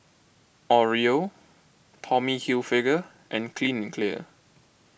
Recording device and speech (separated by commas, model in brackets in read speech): boundary microphone (BM630), read sentence